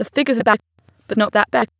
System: TTS, waveform concatenation